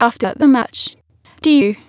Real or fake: fake